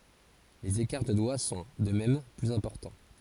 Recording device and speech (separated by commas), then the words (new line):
forehead accelerometer, read sentence
Les écarts de doigts sont, de même, plus importants.